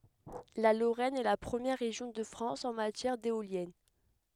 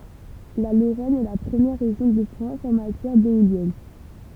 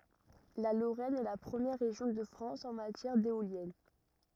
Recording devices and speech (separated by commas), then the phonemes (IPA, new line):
headset microphone, temple vibration pickup, rigid in-ear microphone, read sentence
la loʁɛn ɛ la pʁəmjɛʁ ʁeʒjɔ̃ də fʁɑ̃s ɑ̃ matjɛʁ deoljɛn